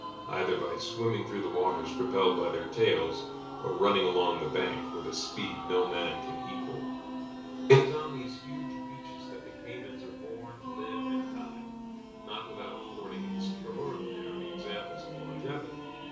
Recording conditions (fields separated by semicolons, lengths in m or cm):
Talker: one person; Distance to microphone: 3.0 m; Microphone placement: far; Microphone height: 1.8 m; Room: small (3.7 m by 2.7 m); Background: music